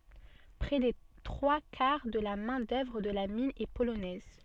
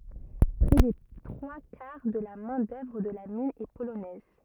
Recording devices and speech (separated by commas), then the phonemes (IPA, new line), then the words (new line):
soft in-ear microphone, rigid in-ear microphone, read sentence
pʁɛ de tʁwa kaʁ də la mɛ̃ dœvʁ də la min ɛ polonɛz
Près des trois quarts de la main-d'œuvre de la mine est polonaise.